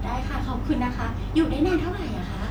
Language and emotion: Thai, happy